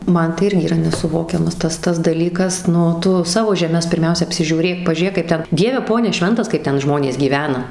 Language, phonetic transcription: Lithuanian, ˈman tai ˈirgi yˈra nesuˈvokiamas ˈtas ˈtas daˈlykas ˈnu ˈtu ˈsavo žeˈmes pirˈmiausia apsižiūˈrėk pažiūˈrėk kaip ˈten ˈdieve ˈpone ˈšventas kaip ˈten ˈžmonės gyˈvena

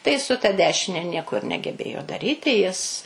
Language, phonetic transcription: Lithuanian, tai su ta ˈdešine ˈnieko ir negeˈbėjo daˈryti jis

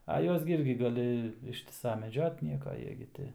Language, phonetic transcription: Lithuanian, a ˈjuos gi ˈirgi gaˈli ˈištisa meˈdžiot ˈnieka ˈjie gi ˈti

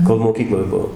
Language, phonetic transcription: Lithuanian, kol moˈkykloj ˈbuo

